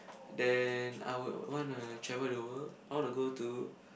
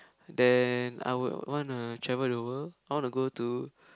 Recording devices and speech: boundary microphone, close-talking microphone, conversation in the same room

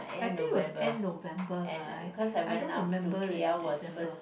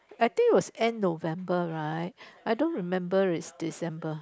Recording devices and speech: boundary microphone, close-talking microphone, conversation in the same room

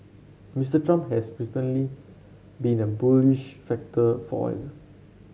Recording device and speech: mobile phone (Samsung C7), read sentence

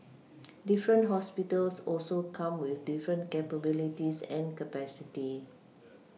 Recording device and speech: mobile phone (iPhone 6), read sentence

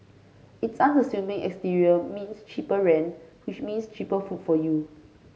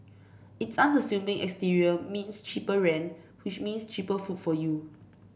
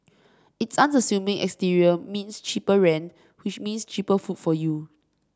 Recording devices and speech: mobile phone (Samsung C5), boundary microphone (BM630), standing microphone (AKG C214), read sentence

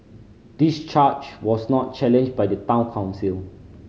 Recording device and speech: mobile phone (Samsung C5010), read sentence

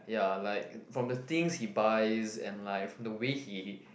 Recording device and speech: boundary microphone, conversation in the same room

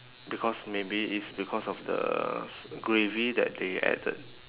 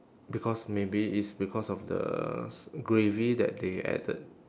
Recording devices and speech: telephone, standing microphone, conversation in separate rooms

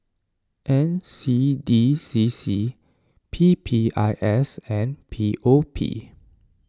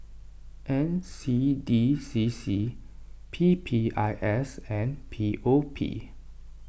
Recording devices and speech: standing microphone (AKG C214), boundary microphone (BM630), read sentence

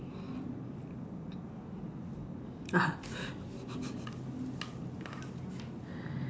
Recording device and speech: standing microphone, conversation in separate rooms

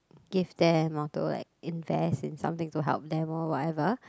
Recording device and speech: close-talking microphone, conversation in the same room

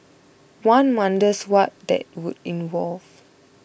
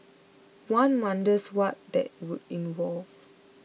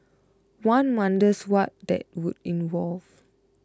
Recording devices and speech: boundary microphone (BM630), mobile phone (iPhone 6), close-talking microphone (WH20), read sentence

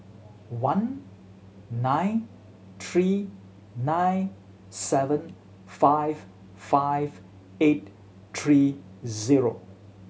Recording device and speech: mobile phone (Samsung C7100), read sentence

